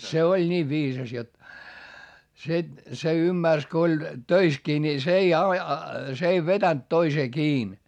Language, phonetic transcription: Finnish, se oĺ ńiiv viisas jot , se , se ymmärs ko oĺ , töiskii ni s ‿ei a- , s ‿ei vetänt toisee kiin .
- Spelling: se oli niin viisas jotta se se ymmärsi kun oli töissäkin niin se ei - se ei vetänyt toiseen kiinni

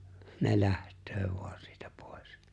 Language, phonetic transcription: Finnish, ne 'läht̀öö vu̬ᴀɴ sɪɪtᴀ̈ 'pᴏ̀ᴇs .
- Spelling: ne lähtee vain siitä pois

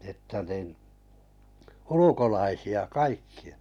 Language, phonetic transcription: Finnish, että nin , "ulukolaisi₍a 'kaikki₍ᴀ .
- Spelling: että niin ulkolaisia kaikkia

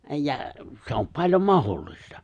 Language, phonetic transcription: Finnish, , 'ja , se om 'paĺjom "mahollista .
- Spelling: ja se on paljon mahdollista

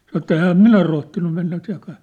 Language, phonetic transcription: Finnish, san ‿että » 'ehäm "minä rohtinnu mennä (seŋkaa) . «
- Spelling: sanoi että enhän minä rohtinut mennä sen kanssa

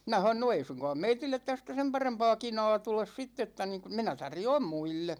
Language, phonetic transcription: Finnish, minä ha(n)on » no 'ei suŋkaam 'meitillet tästä 'sem parempa̭a̭ 'kina̭a̭ tules 'sitt ‿että (niŋku) , 'minä 'tarjoom "muille « .
- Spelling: minä sanoin no ei suinkaan meille tästä sen parempaa kinaa tule sitten että niin kuin minä tarjoan muille

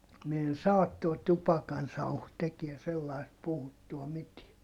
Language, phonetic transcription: Finnish, mi en saat - tuo tupakansauhu tekie sellaist - puhuttua mitie .
- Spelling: minä en saa tuo tupakansauhu tekee sellaista puhuttua mitään

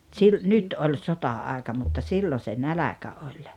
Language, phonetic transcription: Finnish, tsil- , "nyt 'oĺ "sota₍àeka mutta "sillo se "näläkä 'oĺ .
- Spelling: - nyt oli sota-aika mutta silloin se nälkä oli

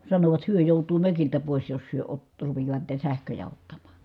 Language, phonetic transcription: Finnish, sanovat hyö jòutuu mökiltä pòis jos hyö ott- , rupijaa(t) niitä sähköjä ottamAA .
- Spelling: sanovat he joutuu mökiltä pois jos he - rupeavat niitä sähköjä ottamaan

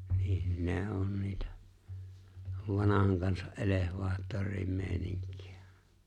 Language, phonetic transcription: Finnish, niihn 'ne ’on niitä , 'vanahaŋ kansa’ '’elehvaattor̆riim 'me̬e̬ⁱniŋk̀ɪᴀ̈ .
- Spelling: niin ne on niitä vanhan kansan elevaattorien meininki

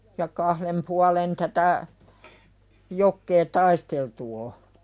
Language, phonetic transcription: Finnish, ja 'kahlem pualen tätä , jokkee "taisteltu o .
- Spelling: ja kahden puolen tätä jokea taisteltu on

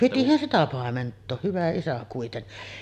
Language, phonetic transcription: Finnish, 'pitihän sitä 'pàement̆too , hyvä isä kuitenni .
- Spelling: pitihän sitä paimentaa hyvä isä kuitenkin

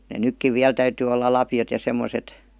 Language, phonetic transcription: Finnish, ne "nykkiv 'viäl täytyy olla "lapjot ja 'semmoset .
- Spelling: ne nytkin vielä täytyy olla lapiot ja semmoiset

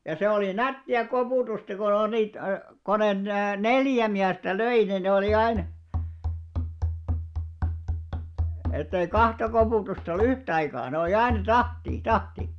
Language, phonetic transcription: Finnish, ja se olì "nätti₍a 'kopùtusta ko on niit , ko 'net , "neljä miästä "löi ni ne olì 'ain , ettei "kahta kopùtusta ollᵘ "yht ‿aikaa , ne olⁱ aina "tahtii , "tahti .
- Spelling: ja se oli nättiä koputusta kun on niitä kun ne neljä miestä löi niin ne oli aina että ei kahta koputusta ollut yhtä aikaa ne oli aina tahtiin tahti

